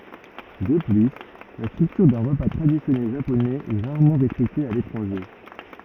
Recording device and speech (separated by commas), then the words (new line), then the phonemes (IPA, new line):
rigid in-ear microphone, read sentence
De plus, la structure d'un repas traditionnel japonais est rarement respectée à l'étranger.
də ply la stʁyktyʁ dœ̃ ʁəpa tʁadisjɔnɛl ʒaponɛz ɛ ʁaʁmɑ̃ ʁɛspɛkte a letʁɑ̃ʒe